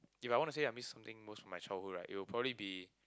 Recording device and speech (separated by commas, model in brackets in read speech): close-talking microphone, conversation in the same room